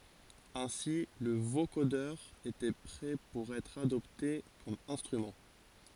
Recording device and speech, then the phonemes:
forehead accelerometer, read sentence
ɛ̃si lə vokodœʁ etɛ pʁɛ puʁ ɛtʁ adɔpte kɔm ɛ̃stʁymɑ̃

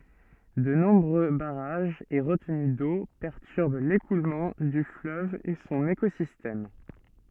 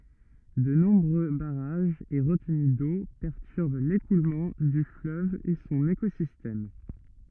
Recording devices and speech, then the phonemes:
soft in-ear microphone, rigid in-ear microphone, read sentence
də nɔ̃bʁø baʁaʒz e ʁətəny do pɛʁtyʁb lekulmɑ̃ dy fløv e sɔ̃n ekozistɛm

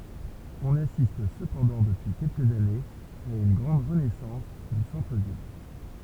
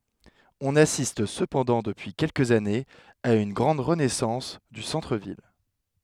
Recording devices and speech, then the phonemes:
temple vibration pickup, headset microphone, read sentence
ɔ̃n asist səpɑ̃dɑ̃ dəpyi kɛlkəz anez a yn ɡʁɑ̃d ʁənɛsɑ̃s dy sɑ̃tʁ vil

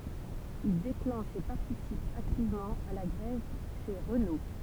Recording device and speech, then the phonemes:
temple vibration pickup, read sentence
il deklɑ̃ʃ e paʁtisip aktivmɑ̃ a la ɡʁɛv ʃe ʁəno

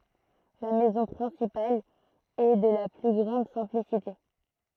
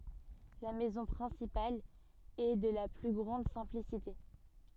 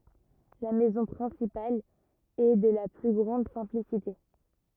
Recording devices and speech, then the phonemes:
throat microphone, soft in-ear microphone, rigid in-ear microphone, read sentence
la mɛzɔ̃ pʁɛ̃sipal ɛ də la ply ɡʁɑ̃d sɛ̃plisite

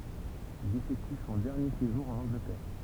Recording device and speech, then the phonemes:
temple vibration pickup, read sentence
il efɛkty sɔ̃ dɛʁnje seʒuʁ ɑ̃n ɑ̃ɡlətɛʁ

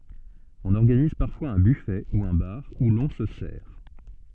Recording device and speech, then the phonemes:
soft in-ear microphone, read sentence
ɔ̃n ɔʁɡaniz paʁfwaz œ̃ byfɛ u œ̃ baʁ u lɔ̃ sə sɛʁ

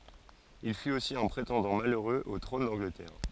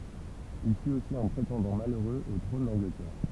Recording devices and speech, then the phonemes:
forehead accelerometer, temple vibration pickup, read sentence
il fyt osi œ̃ pʁetɑ̃dɑ̃ maløʁøz o tʁɔ̃n dɑ̃ɡlətɛʁ

